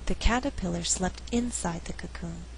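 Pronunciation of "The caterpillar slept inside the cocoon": In this sentence, the word 'inside' carries the emphasis.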